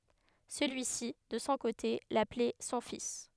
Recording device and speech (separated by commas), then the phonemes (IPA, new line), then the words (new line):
headset microphone, read sentence
səlyi si də sɔ̃ kote laplɛ sɔ̃ fis
Celui-ci, de son côté, l'appelait son fils.